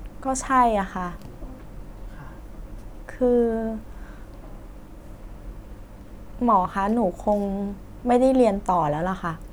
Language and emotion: Thai, frustrated